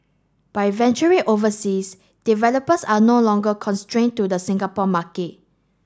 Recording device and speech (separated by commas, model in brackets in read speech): standing microphone (AKG C214), read sentence